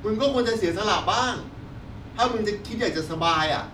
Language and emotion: Thai, angry